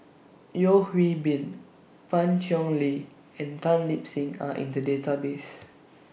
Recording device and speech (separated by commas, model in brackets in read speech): boundary microphone (BM630), read sentence